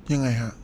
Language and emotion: Thai, frustrated